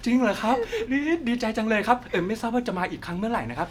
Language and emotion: Thai, happy